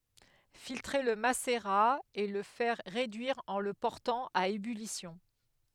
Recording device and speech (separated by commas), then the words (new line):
headset microphone, read sentence
Filtrer le macérat et le faire réduire en le portant à ébullition.